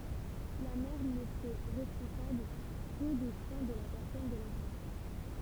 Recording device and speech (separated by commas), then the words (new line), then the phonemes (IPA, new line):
temple vibration pickup, read sentence
La mère n'était responsable que des soins de la personne de l'enfant.
la mɛʁ netɛ ʁɛspɔ̃sabl kə de swɛ̃ də la pɛʁsɔn də lɑ̃fɑ̃